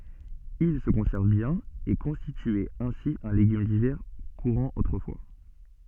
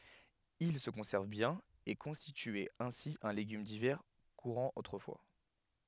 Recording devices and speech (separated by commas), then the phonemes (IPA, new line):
soft in-ear microphone, headset microphone, read sentence
il sə kɔ̃sɛʁv bjɛ̃n e kɔ̃stityɛt ɛ̃si œ̃ leɡym divɛʁ kuʁɑ̃ otʁəfwa